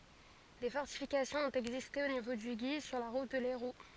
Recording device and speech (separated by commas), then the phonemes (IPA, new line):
forehead accelerometer, read sentence
de fɔʁtifikasjɔ̃z ɔ̃t ɛɡziste o nivo dy ɡi syʁ la ʁut də lɛʁu